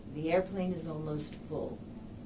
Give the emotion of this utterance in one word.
neutral